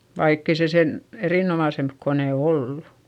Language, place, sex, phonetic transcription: Finnish, Eurajoki, female, vaikk ‿ei se sen , erìnomàsemp konè ollu .
- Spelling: vaikka ei se sen erinomaisempi kone ollut

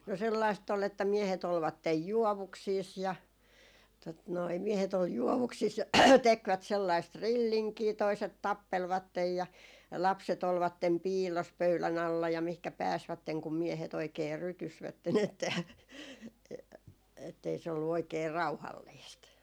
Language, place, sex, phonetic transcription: Finnish, Jaala, female, 'no sellaistt ‿ol että 'miehet ‿olvattej "juɔvuksiis ja , tot noi , 'miehet ‿ol 'juɔvuksis ja "tekvät 'sellaist "rilliŋkii , toiset "tappelvattej ja , 'lapset ‿olvattem "piillos 'pöylän ‿alla ja mihkä 'pääsvätteŋ kum 'miehet ‿oikee 'rytysvätten ‿että , e- , ettei se ollu 'oikee "rauhalliist .
- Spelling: no sellaista oli että miehet olivat juovuksissa ja tuota noin miehet oli juovuksissa ja tekivät sellaista rillinkiä toiset tappelivat ja lapset olivat piilossa pöydän alla ja mihinkä pääsivät kun miehet oikein rytysivät että - että ei se ollut oikein rauhallista

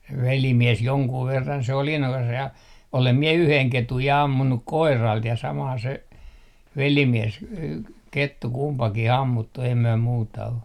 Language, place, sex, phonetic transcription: Finnish, Artjärvi, male, 'velimies 'joŋkuu 'verran se oli innokas ja , 'olem 'mie yheŋ "ketuj ja 'ammunnuk "koiralt ja saman se , 'velimies , k - 'kettu 'kumpaki"h ‿ammuttu ei myö 'muuta o .
- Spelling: velimies jonkun verran se oli innokas ja olen minä yhden ketun ja ampunut koiralta ja saman se velimies - kettu kumpikin ammuttu ei me muuta ole

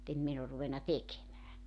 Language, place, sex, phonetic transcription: Finnish, Joutsa, female, [mu]'t ‿em min ‿or ruvenna "tekemää .
- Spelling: mutta en minä ole ruvennut tekemään

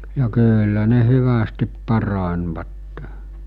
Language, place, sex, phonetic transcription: Finnish, Mikkeli, male, ja 'kyyllä ne 'hyvästip 'parańvatte .
- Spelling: ja kyllä ne hyvästi paranivat

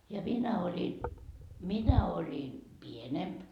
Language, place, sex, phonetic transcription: Finnish, Markkova, female, ja 'minä oĺi , "minä oĺi , "pienemp .
- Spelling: ja minä olin minä olin pienempi

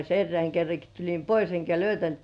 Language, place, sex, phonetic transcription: Finnish, Kurkijoki, female, 'erreäŋ kerraki tuĺim "pois eŋkä löytäntkĕä̀ .
- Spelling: erään kerrankin tulin pois enkä löytänytkään

